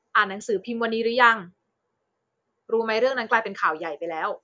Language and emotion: Thai, neutral